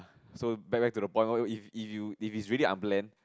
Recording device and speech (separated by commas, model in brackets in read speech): close-talking microphone, conversation in the same room